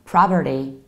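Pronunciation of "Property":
'Property' is said in an American accent, with the three syllables sounding like 'pra', 'per', 'ri'.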